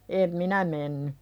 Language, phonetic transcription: Finnish, em "minä menny .
- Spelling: en minä mennyt

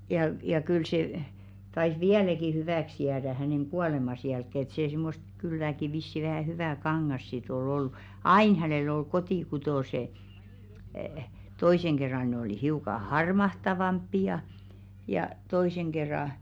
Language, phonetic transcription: Finnish, ja v- ja 'kyl se , tais "viäläki 'hyvä̀ks jäädä häneŋ 'ɢuàlemas jälkkè ‿et see 'simmost kylläki vissi vähä̀ 'hyvä̀ "kaŋŋas sit 'ol ‿olʟᴜ , "ain 'hänell ‿ol 'kotì'kutòse , 'toiseŋ ɢerra ne oli 'hiuka "harmahtavamppi₍a̳§ , jà , 'toìseŋ ɢerra ,.
- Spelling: ja - ja kyllä se taisi vieläkin hyväksi jäädä hänen kuolemansa jälkeen että se semmoista kylläkin vissiin vähän hyvää kangasta sitten oli ollut aina hänellä oli kotikutoiset toisen kerran ne oli hiukan harmahtavampia ja toisen kerran

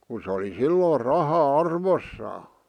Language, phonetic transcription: Finnish, ku s ‿oli "silloor 'raha "arvossaa .
- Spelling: kun se oli silloin raha arvossaan

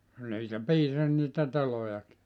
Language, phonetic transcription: Finnish, niitä "piisas niitä 'telojaki .
- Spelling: niitä piisasi niitä telojakin

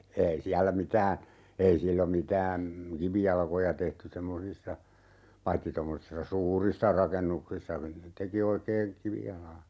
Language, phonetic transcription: Finnish, 'ei siällä 'mitää , 'ei sillom mitää , "kivijalkoja tehty 'semmosissa , 'paitti tommosissa "suurissa 'rakennuksissa , 'teki oikee , "kivijalaa .
- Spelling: ei siellä mitään ei silloin mitään kivijalkoja tehty semmoisissa paitsi tuommoisissa suurissa rakennuksissa teki oikein kivijalan

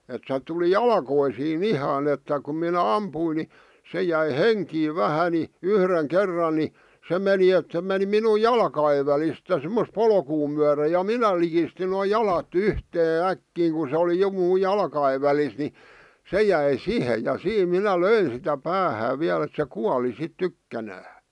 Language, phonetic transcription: Finnish, et se tuli "jalkoisii"n ‿ihan ‿että kum minä "ampuin ni , 'se jäi "heŋkiiv 'vähä ni , 'yhreŋ "kerran ni , 'se meni et se meni minu "jalka₍ev välist ja sᵉmmos "polkuu myäre ja "minä likistin noo "jalat "yhtee "äkkiiŋ ku sᵉ oli 'jo muu "jalka₍ev välis ni , 'se jäi "sihe , ja "siim 'minä "löin̬ sitä "päähää 'viäl ‿ᵉt se "kuali 'sit "tykkänää .
- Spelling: että se tuli jalkoihin ihan että kun minä ammuin niin se jäi henkiin vähän niin yhden kerran niin se meni että se meni minun jalkojen välistä ja semmoista polkua myöden ja minä likistin noin jalat yhteen äkkiä kun se oli jo minun jalkojen välissä niin se jäi siihen ja siinä minä löin sitä päähän vielä että se kuoli sitten tykkänään

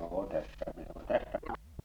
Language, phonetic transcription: Finnish, 'joo "tässä mi ole , tässä - -.
- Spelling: joo tässä minä olen tässä

